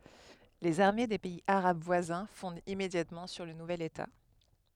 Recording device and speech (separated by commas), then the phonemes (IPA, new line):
headset microphone, read sentence
lez aʁme de pɛiz aʁab vwazɛ̃ fɔ̃dt immedjatmɑ̃ syʁ lə nuvɛl eta